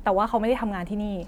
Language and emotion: Thai, frustrated